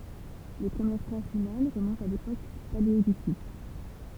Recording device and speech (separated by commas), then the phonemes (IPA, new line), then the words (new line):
temple vibration pickup, read sentence
le pʁəmjɛʁ tʁasz ymɛn ʁəmɔ̃tt a lepok paleolitik
Les premières traces humaines remontent à l'époque paléolithique.